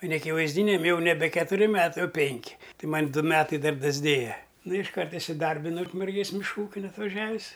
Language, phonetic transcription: Lithuanian, o neakivaizˈdyniam jau neˈbe ketuˈri ˈmetai oˈpenki ˈtai ˈman' ˈdu ˈmetai ˈdar dasˈdėja nu išˈkart isiˈdarbinau ukmerˈgės mišˈkų ˈūkin atvaˈžiavis

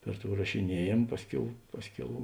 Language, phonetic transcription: Lithuanian, ˈper ˌtou rašiˈniejėm ˈpasˌkiau ˈpasˌkiau

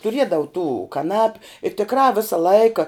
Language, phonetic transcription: Lithuanian, tuˈriedavu tų kaˈnapiu i tikˈrā ˈvisa ˈlaika

